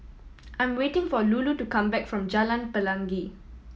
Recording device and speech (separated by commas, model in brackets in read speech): mobile phone (iPhone 7), read sentence